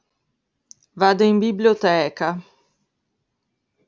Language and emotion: Italian, disgusted